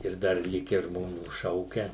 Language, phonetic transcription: Lithuanian, ir ˈdar ˈlikę žmoˈnių ˈšaukia

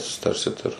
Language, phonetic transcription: Lithuanian, susiˈtarsit ir

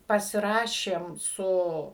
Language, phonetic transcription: Lithuanian, pasiˈrašėm ˈsu

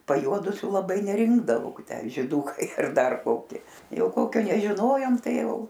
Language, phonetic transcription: Lithuanian, pajˈuodusių laˈbai neˈrinkdavau ˈtę žiˈdukai ar ˈdar ˈkoki ˈjau ˈkokio nežiˈnojom ˈtai ˈjau

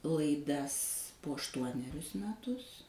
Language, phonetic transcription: Lithuanian, laiˈdas po ašˈtuonerius meˈtus

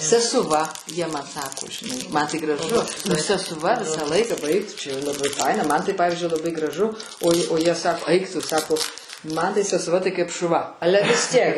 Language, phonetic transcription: Lithuanian, sesuˈva jie man ˈsako žiˈnai ˈman tai graˈžu nu sesuˈva ˈvisa ˈlaika ˈbaik tu čia jau laˈbai ˈfaina ˈman tai ˈpavizdžiui laˈbai graˈžu oj o ˈjie ˈsako ˈaik ˈtu ˈsako ˈman tai sesuˈva ˈtai kaip šuˈva ˈale vis ˈtiek

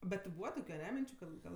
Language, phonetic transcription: Lithuanian, bet ti ˈbūva ˈtokiu aˈne ˈminčiu ˈkad ˈgal

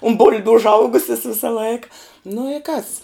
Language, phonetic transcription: Lithuanian, un ˈbul'biu užˈaugusis ˈvisa ˈlaika nu i kas

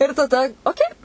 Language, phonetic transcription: Lithuanian, ir taˈda oˈkei

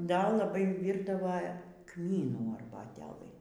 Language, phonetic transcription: Lithuanian, ˈda laˈbai ˈvyrdava ˈkmynų arbaˈtelɨ

